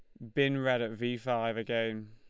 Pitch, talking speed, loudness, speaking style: 115 Hz, 210 wpm, -32 LUFS, Lombard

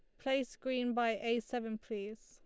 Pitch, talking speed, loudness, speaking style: 235 Hz, 175 wpm, -37 LUFS, Lombard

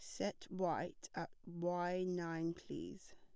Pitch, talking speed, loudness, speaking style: 175 Hz, 120 wpm, -43 LUFS, plain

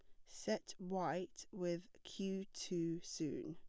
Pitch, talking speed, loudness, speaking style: 180 Hz, 110 wpm, -44 LUFS, plain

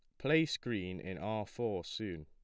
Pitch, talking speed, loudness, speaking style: 105 Hz, 175 wpm, -37 LUFS, plain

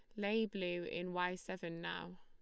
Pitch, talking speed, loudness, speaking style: 180 Hz, 180 wpm, -41 LUFS, Lombard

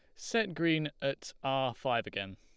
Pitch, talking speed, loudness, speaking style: 135 Hz, 165 wpm, -33 LUFS, Lombard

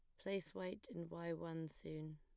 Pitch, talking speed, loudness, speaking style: 165 Hz, 185 wpm, -48 LUFS, plain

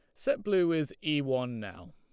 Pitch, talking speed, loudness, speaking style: 150 Hz, 210 wpm, -31 LUFS, Lombard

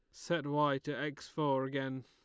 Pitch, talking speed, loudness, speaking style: 145 Hz, 195 wpm, -36 LUFS, Lombard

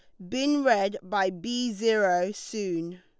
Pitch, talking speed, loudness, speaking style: 200 Hz, 135 wpm, -27 LUFS, Lombard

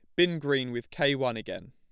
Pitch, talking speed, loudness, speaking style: 140 Hz, 240 wpm, -28 LUFS, plain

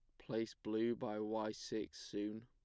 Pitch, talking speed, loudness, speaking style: 110 Hz, 160 wpm, -43 LUFS, plain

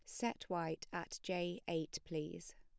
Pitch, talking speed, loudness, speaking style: 170 Hz, 150 wpm, -43 LUFS, plain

